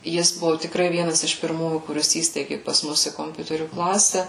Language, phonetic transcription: Lithuanian, ˈjis ˈbuvu tikˈrai ˈvienas iš pirˈmųjų kuˈris ˈįsteigi pas ˈmus i komˈpiuterių ˈklase

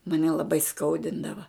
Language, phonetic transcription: Lithuanian, maˈne laˈbai ˈskaudindava

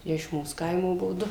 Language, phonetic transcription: Lithuanian, i iš ˈmūs ˈkaimo ˈbuo ˈdu

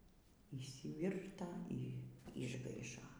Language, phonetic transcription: Lithuanian, yšsiˈvirta y išˈgaišo

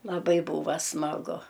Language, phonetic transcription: Lithuanian, laˈbai ˈbūva smaˈgu

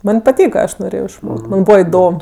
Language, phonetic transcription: Lithuanian, ˈman' paˈtyka ˈaš noˈrėjo išˈmok't' ˈman' ˈbūva iˈdom

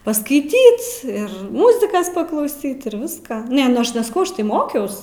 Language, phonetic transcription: Lithuanian, paskaiˈtyt ir ˈmuzikas paklauˈsyt ir ˈviską ˈne nu ˈaš nesaˈkau ˈaš tai ˈmokiaus

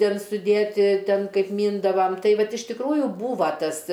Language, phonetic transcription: Lithuanian, ˈtėn suˈdėti ˈtėn ˈkaip ˈmyndavam ˈtai ˈvat iš tikˈrųju ˈbūva ˈtas

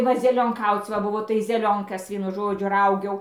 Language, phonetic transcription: Lithuanian, ˈva zelionˈkauc va buˈvo tai zeˈlionkas ˈvienu ˈžodžiu ˈraugiau

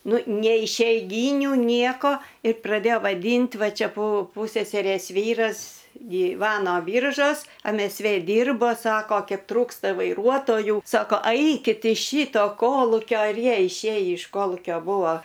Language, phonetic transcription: Lithuanian, ˈnu nei išeiˈgyniu ˈnieko i praˈdėjo vaˈdynt' ˈva ˈčia pu ˈpuseserės ˈvyras gyˈvano ˈbyržos em es ˈvė ˈdyrbo ˈsako ˈkep ˈtrūksta vaiˈruotojų sako ˈaikit iš ˈšyto ˈkolukio ir ˈjie išˈėjį iš ˈkolūkio ˈbūvo

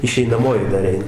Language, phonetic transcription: Lithuanian, išeinaˈmoji dar ˈein

